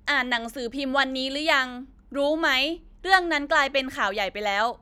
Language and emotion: Thai, frustrated